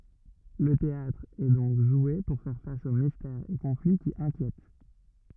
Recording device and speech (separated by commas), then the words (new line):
rigid in-ear microphone, read sentence
Le théâtre est donc joué pour faire face aux mystères et conflits qui inquiètent.